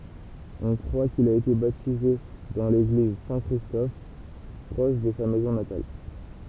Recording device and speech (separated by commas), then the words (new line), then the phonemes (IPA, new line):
temple vibration pickup, read sentence
On croit qu'il a été baptisé dans l'église Saint-Christophe proche de sa maison natale.
ɔ̃ kʁwa kil a ete batize dɑ̃ leɡliz sɛ̃ kʁistɔf pʁɔʃ də sa mɛzɔ̃ natal